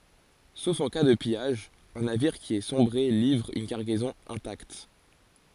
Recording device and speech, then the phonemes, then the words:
forehead accelerometer, read sentence
sof ɑ̃ ka də pijaʒ œ̃ naviʁ ki a sɔ̃bʁe livʁ yn kaʁɡɛzɔ̃ ɛ̃takt
Sauf en cas de pillage, un navire qui a sombré livre une cargaison intacte.

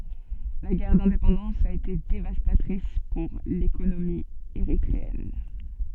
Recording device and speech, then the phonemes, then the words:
soft in-ear microphone, read sentence
la ɡɛʁ dɛ̃depɑ̃dɑ̃s a ete devastatʁis puʁ lekonomi eʁitʁeɛn
La guerre d'indépendance a été dévastatrice pour l'économie érythréenne.

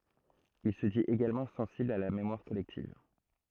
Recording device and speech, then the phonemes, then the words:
throat microphone, read sentence
il sə dit eɡalmɑ̃ sɑ̃sibl a la memwaʁ kɔlɛktiv
Il se dit également sensible à la mémoire collective.

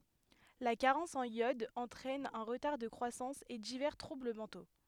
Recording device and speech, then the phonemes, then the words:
headset microphone, read sentence
la kaʁɑ̃s ɑ̃n jɔd ɑ̃tʁɛn œ̃ ʁətaʁ də kʁwasɑ̃s e divɛʁ tʁubl mɑ̃to
La carence en iode entraine un retard de croissance et divers troubles mentaux.

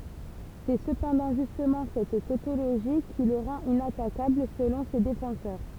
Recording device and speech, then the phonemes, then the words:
temple vibration pickup, read sentence
sɛ səpɑ̃dɑ̃ ʒystmɑ̃ sɛt totoloʒi ki lə ʁɑ̃t inatakabl səlɔ̃ se defɑ̃sœʁ
C'est cependant justement cette tautologie qui le rend inattaquable selon ses défenseurs.

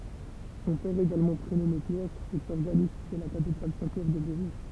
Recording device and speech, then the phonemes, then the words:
temple vibration pickup, read sentence
sɔ̃ pɛʁ eɡalmɑ̃ pʁenɔme pjɛʁ ɛt ɔʁɡanist də la katedʁal sɛ̃ pjɛʁ də bovɛ
Son père également prénommé Pierre, est organiste de la Cathédrale Saint-Pierre de Beauvais.

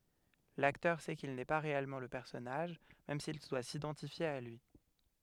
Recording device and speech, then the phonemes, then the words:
headset microphone, read sentence
laktœʁ sɛ kil nɛ pa ʁeɛlmɑ̃ lə pɛʁsɔnaʒ mɛm sil dwa sidɑ̃tifje a lyi
L'acteur sait qu'il n'est pas réellement le personnage, même s'il doit s'identifier à lui.

